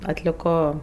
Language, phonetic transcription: Lithuanian, atliˈko

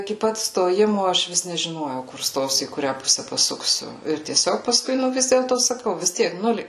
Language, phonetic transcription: Lithuanian, iki ˈpat stoˈjimo ˈaš ˈvis nežiˈnojau kur ˈstosiu į kuˈrią ˈpuse paˈsuksiu ir tieˈsiog paˈskui ˈnu ˈvis dėlto saˈkau vis ˈtiek ˈnulė

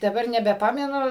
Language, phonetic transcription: Lithuanian, daˈbar nebeˈpamenu

